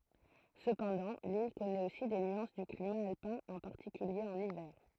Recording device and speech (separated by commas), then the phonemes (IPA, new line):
throat microphone, read sentence
səpɑ̃dɑ̃ lil kɔnɛt osi de nyɑ̃s dy klima alpɛ̃ ɑ̃ paʁtikylje ɑ̃n ivɛʁ